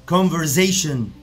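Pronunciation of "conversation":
'Conversation' is pronounced incorrectly here.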